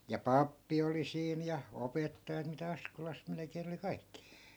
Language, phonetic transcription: Finnish, ja "pappi oli 'siin ja , "opettajat mitä 'askolas 'melᵉkeen ‿oli 'kaikki .
- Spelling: ja pappi oli siinä ja opettajat mitä Askolassa melkein oli kaikki

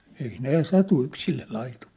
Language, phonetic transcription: Finnish, ei 'nè 'satu 'yksille laitum(ɪʟʟᴇ) .
- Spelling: ei ne satu yksille laitumille

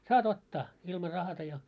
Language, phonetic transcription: Finnish, » 'saa't ‿ottaa « , ilma 'rahata ja .
- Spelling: saat ottaa ilman rahatta ja

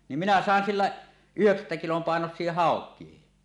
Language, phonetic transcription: Finnish, nim minä "sàen "sillä , 'yheksättä kilom 'pàenos̆sie "hàok̀iehi .
- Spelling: niin minä sain sillä yhdeksättä kilon painoisia haukia

